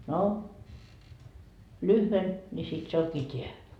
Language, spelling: Finnish, no lyhyen niin sitten se onkin tämä
- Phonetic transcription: » no , "lyhven , ńi 'sit se oŋkii "t́eä .

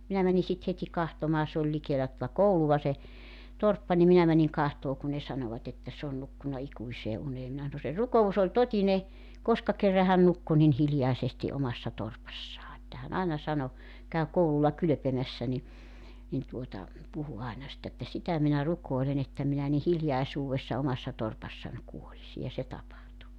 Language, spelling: Finnish, minä menin sitten heti katsomaan se oli likellä tuota koulua se torppa niin minä menin katsomaan kun ne sanoivat että se on nukkunut ikuiseen uneen minä sanoin se rukous oli totinen koska kerran hän nukkui niin hiljaisesti omassa torpassaan että hän aina sanoi kävi koululla kylpemässä niin niin tuota puhui aina sitten että sitä minä rukoilen että minä niin hiljaisuudessa omassa torpassani kuolisin ja se tapahtui
- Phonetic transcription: 'minä mäni sit 'het́i 'kahtomaa se oĺ 'likeelä tᵒta "kouluva se , 'torppa nim 'minä mäniŋ 'kahtoo kun ne 'sanovat ‿että s ‿oon 'nukkuna 'ikuisee 'unee minä sano » se 'ruko₍us ‿oĺ "totine , 'koska kerra 'hän 'nukku nin 'hiljaesesti 'omassa 'torpassaa että hän 'aena sano , 'käy 'koululla 'kylᵒ̈pemässä ni , nin tuota , 'puhu aena sitt ‿että » 'sitä minä 'ruk̀oelen ‿että minä ni "hiljaisuuwessa 'omassa 'torpassań 'kuolisi « ja se 'tapahtu .

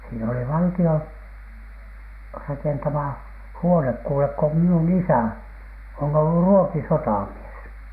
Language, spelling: Finnish, siinä oli valtion rakentama huone kuule kun minun isä on ollut ruotisotamies
- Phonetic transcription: siin ‿oli 'valti₍on , 'rakentama , "huonek kuulek ko minun "isä̀ , on ollu "ruotisotàmies .

